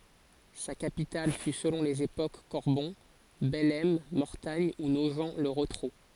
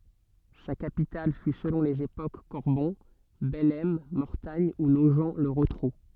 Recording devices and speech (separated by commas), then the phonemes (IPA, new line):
forehead accelerometer, soft in-ear microphone, read sentence
sa kapital fy səlɔ̃ lez epok kɔʁbɔ̃ bɛlɛm mɔʁtaɲ u noʒ lə ʁotʁu